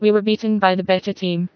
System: TTS, vocoder